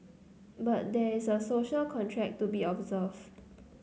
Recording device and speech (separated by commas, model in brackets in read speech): mobile phone (Samsung C9), read sentence